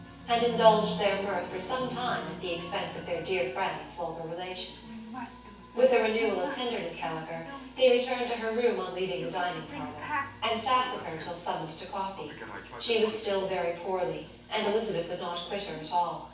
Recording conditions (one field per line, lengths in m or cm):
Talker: one person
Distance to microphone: 9.8 m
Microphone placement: far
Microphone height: 1.8 m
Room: large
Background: television